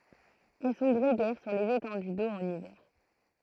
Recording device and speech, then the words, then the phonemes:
throat microphone, read sentence
Elles sont grégaires sur les étendues d'eau en hiver.
ɛl sɔ̃ ɡʁeɡɛʁ syʁ lez etɑ̃dy do ɑ̃n ivɛʁ

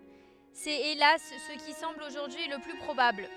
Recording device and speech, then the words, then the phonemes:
headset microphone, read sentence
C’est hélas ce qui semble aujourd’hui le plus probable.
sɛt elas sə ki sɑ̃bl oʒuʁdyi lə ply pʁobabl

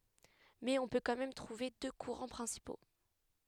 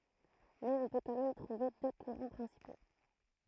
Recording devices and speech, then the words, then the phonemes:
headset microphone, throat microphone, read sentence
Mais on peut quand même trouver deux courants principaux.
mɛz ɔ̃ pø kɑ̃ mɛm tʁuve dø kuʁɑ̃ pʁɛ̃sipo

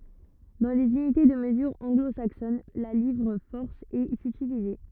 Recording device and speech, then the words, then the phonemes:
rigid in-ear microphone, read sentence
Dans les unités de mesure anglo-saxonnes, la livre-force est utilisée.
dɑ̃ lez ynite də məzyʁ ɑ̃ɡlo saksɔn la livʁ fɔʁs ɛt ytilize

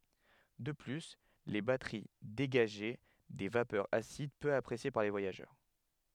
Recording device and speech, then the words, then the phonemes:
headset microphone, read sentence
De plus, les batteries dégageaient des vapeurs acides peu appréciées par les voyageurs...
də ply le batəʁi deɡaʒɛ de vapœʁz asid pø apʁesje paʁ le vwajaʒœʁ

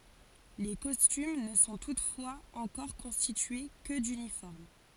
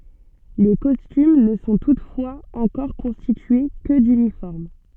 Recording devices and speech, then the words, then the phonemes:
forehead accelerometer, soft in-ear microphone, read sentence
Les costumes ne sont toutefois encore constitués que d'uniformes.
le kɔstym nə sɔ̃ tutfwaz ɑ̃kɔʁ kɔ̃stitye kə dynifɔʁm

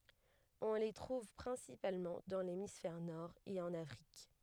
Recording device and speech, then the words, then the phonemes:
headset microphone, read sentence
On les trouve principalement dans l'hémisphère Nord et en Afrique.
ɔ̃ le tʁuv pʁɛ̃sipalmɑ̃ dɑ̃ lemisfɛʁ nɔʁ e ɑ̃n afʁik

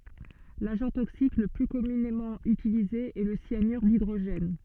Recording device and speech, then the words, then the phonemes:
soft in-ear microphone, read sentence
L'agent toxique le plus communément utilisé est le cyanure d'hydrogène.
laʒɑ̃ toksik lə ply kɔmynemɑ̃ ytilize ɛ lə sjanyʁ didʁoʒɛn

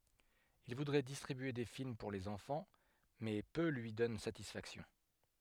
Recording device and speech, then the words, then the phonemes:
headset microphone, read sentence
Il voudrait distribuer des films pour les enfants, mais peu lui donnent satisfaction.
il vudʁɛ distʁibye de film puʁ lez ɑ̃fɑ̃ mɛ pø lyi dɔn satisfaksjɔ̃

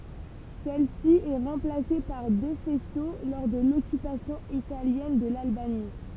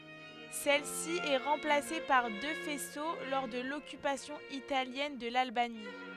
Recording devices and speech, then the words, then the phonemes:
temple vibration pickup, headset microphone, read sentence
Celle-ci est remplacée par deux faisceaux lors de l'occupation italienne de l'Albanie.
sɛl si ɛ ʁɑ̃plase paʁ dø fɛso lɔʁ də lɔkypasjɔ̃ italjɛn də lalbani

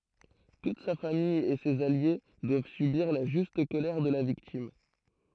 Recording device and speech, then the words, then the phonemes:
throat microphone, read sentence
Toute sa famille et ses alliés doivent subir la juste colère de la victime.
tut sa famij e sez alje dwav sybiʁ la ʒyst kolɛʁ də la viktim

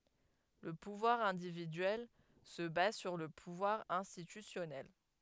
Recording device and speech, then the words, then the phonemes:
headset microphone, read sentence
Le pouvoir individuel se base sur le pouvoir institutionnel.
lə puvwaʁ ɛ̃dividyɛl sə baz syʁ lə puvwaʁ ɛ̃stitysjɔnɛl

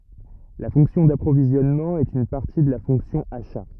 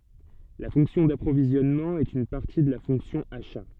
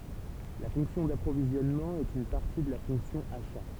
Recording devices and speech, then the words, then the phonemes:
rigid in-ear microphone, soft in-ear microphone, temple vibration pickup, read sentence
La fonction d'approvisionnement est une partie de la fonction achats.
la fɔ̃ksjɔ̃ dapʁovizjɔnmɑ̃ ɛt yn paʁti də la fɔ̃ksjɔ̃ aʃa

